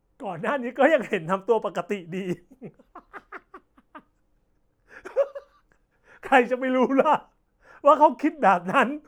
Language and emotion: Thai, happy